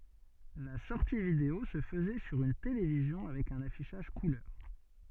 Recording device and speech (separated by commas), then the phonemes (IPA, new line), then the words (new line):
soft in-ear microphone, read sentence
la sɔʁti video sə fəzɛ syʁ yn televizjɔ̃ avɛk œ̃n afiʃaʒ kulœʁ
La sortie vidéo se faisait sur une télévision avec un affichage couleur.